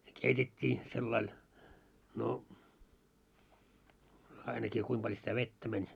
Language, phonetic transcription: Finnish, ne "keitet́t́ii , sellail , no , 'ainakii kuim paĺ sitä "vettä mäń .
- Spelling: ne keitettiin sillä lailla no ainakin kuinka paljon sitä vettä meni

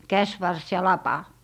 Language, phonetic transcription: Finnish, "käsvars ja "lapa .
- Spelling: käsivarsi ja lapa

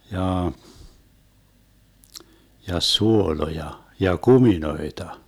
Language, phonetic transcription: Finnish, 'jaa , ja "suoloja , ja "kuminoeta .
- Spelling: jaa ja suoloja ja kuminoita

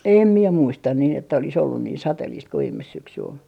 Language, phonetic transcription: Finnish, 'em mie muistan niin ‿että olis ollun niin "sateliist ko 'viimes 'syksy ol .
- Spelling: en minä muista niin että olisi ollut niin sateista kuin viime syksy oli

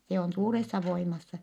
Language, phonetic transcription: Finnish, se on suuressa voimassa .
- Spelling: se on suuressa voimassa

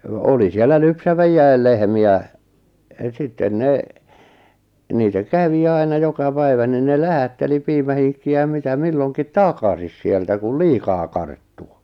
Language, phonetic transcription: Finnish, 'oli siellä 'lypsäv(e)ijjäil lehmi₍ä , 'sitten 'ne , 'niitä "kävi 'aina 'joka 'päivä nin ne "lähätteli 'piimähiŋkki₍ä ja 'mitä 'milloŋkit "takasis sieltä kul "liikaa 'karttu .
- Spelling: oli siellä lypsäväkin lehmiä sitten ne niitä kävi aina joka päivä niin ne lähetteli piimähinkkiä ja mitä milloinkin takaisin sieltä kun liikaa karttui

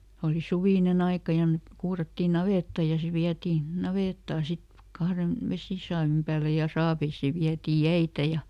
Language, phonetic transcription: Finnish, oli ˈsuvìneˈn ‿aika ja , ˈmek ˈkuurattii "navètta ja ˈse viätii , ˈnavèttaa ˈsit , ˈkahren , "vesìsaavim pääle ja ˈsaaveisii ˈviätii "jäitä ja ,.
- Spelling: oli suvinen aika ja me kuurattiin navetta ja se vietiin navettaan sitten kahden vesisaavin päälle ja saaveihin vietiin jäitä ja

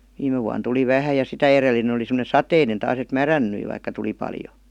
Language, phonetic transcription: Finnish, 'viime vuan tuli 'vähä ja 'sitä erelinen̬ ‿oli sem°ne "sateinen taas ‿et "märän-nyi vaikka tuli paljo .
- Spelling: viime vuonna tuli vähän ja sitä edellinen oli semmoinen sateinen taas että mädäntyi vaikka tuli paljon

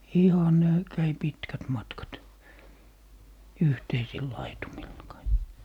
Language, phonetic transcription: Finnish, 'ihan 'ne , 'käi "pitkät 'matkat , "yhteisil 'laitumilla kai(k) .
- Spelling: ihan ne kävi pitkät matkat yhteisillä laitumilla kaikki

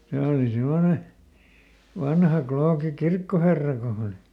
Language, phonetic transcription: Finnish, ˈse oli ˈsemmone , ˈvanha ˈklooki "kirkkoherra ko hᵃ oli .
- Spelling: se oli semmoinen vanha klooki kirkkoherra kun hän oli

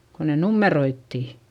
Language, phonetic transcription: Finnish, ko ne nummeroittì .
- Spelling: kun ne numeroitiin

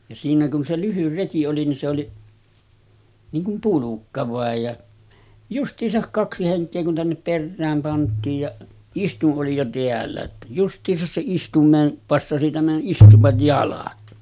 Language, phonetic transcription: Finnish, ja siinä kun se 'lyhyr 'reki oli nin se oli , niiŋ kum 'pulukka vàej ja , just̀iisak 'kaksi 'heŋk̆kee kun tännep 'perrääm pant̆tiij ja , 'istuˀ ˀoli jo 'teällä ‿ttä just̀iisas se 'istum̆meen , 'passasi tämän '’istuvaj 'jalat .
- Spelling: ja siinä kun se lyhyt reki oli niin se oli niin kuin pulkka vain ja justiinsa kaksi henkeä kun tänne perään pantiin ja istuin oli jo täällä että justiinsa se istuimeen passasi tämän istuvan jalat

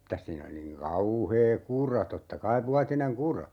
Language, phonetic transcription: Finnish, mitäs 'siin ‿(oli) niŋ 'kauhee "kura 'totta "kaiv 'vuatineŋ "kura .
- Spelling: mitäs siinä oli niin kauhea kura totta kai vuotinen kura

